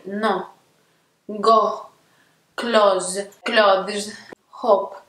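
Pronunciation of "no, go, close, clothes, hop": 'No, go, close, clothes' are pronounced incorrectly here.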